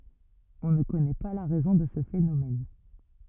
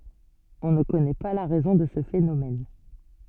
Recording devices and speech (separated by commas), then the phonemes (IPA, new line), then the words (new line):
rigid in-ear microphone, soft in-ear microphone, read sentence
ɔ̃ nə kɔnɛ pa la ʁɛzɔ̃ də sə fenomɛn
On ne connaît pas la raison de ce phénomène.